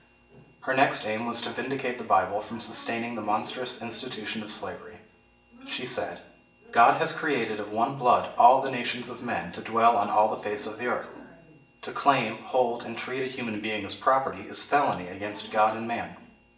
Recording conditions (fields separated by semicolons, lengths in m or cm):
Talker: one person; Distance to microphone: 1.8 m; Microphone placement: close; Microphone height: 1.0 m; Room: large; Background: television